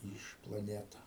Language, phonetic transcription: Lithuanian, ˈyž plaˈneta

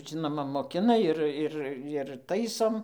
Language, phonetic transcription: Lithuanian, ˈžinoma moˈkina ˈir ˈir ir ˈtaisom

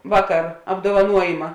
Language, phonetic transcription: Lithuanian, ˈvaˌkar apdovaˈnuojima

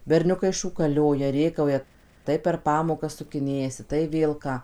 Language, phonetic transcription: Lithuanian, berˈniukai šūkaˈlioja ˈrėkauja ˈtai per ˈpamokas sukiˈnėjasi tai ˈvėl ką

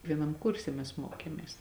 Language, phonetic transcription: Lithuanian, vieˈnam ˈkurse mes ˈmokėmės

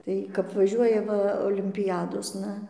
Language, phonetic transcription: Lithuanian, ˈtai kap vaˈžiuoja ˈva olimpiˈjadosna

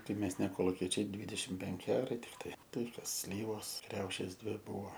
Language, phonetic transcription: Lithuanian, tai ˈmes ne koluˈkiečiai ˈdvydešim ˈpenki ˈarai tikˈtai ˈtai ˈkas ˈslyvos ˈkriaušės ˈdvi ˈbuvo

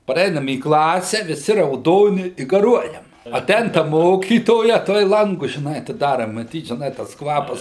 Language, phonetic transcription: Lithuanian, paˈreinam į ˈklase viˈsi rauˈdoni i gaˈruojam aˈtein ta ˈmokytoja ˈtuoj ˈlangus žiˈnai atiˈdara maˈtyt žiˈnai tas ˈkvapas

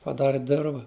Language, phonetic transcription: Lithuanian, paˈdari ˈdirva

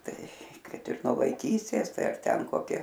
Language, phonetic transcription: Lithuanian, ˈtai ˈkad ir nuo vaiˈkystės ˈtai ar ˈten koˈki

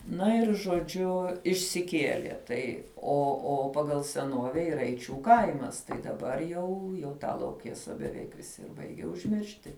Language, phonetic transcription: Lithuanian, ˈna ir žoˈdžiu išsiˈkielie ˈtai o o ˈpagal seˈnuove yˈra eiˈčių ˈkaimas tai daˈbar jau jau ˈtą lauˈkėsa beˈveik viˈsi ir ˈbaigia užˈmiršti

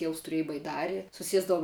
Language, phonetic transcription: Lithuanian, ˈtieus tuˈriej baiˈdari suˈsiesdavum

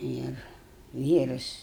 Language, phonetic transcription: Lithuanian, ˈir ˈvyras

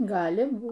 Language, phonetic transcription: Lithuanian, ˈgali ˈbūt

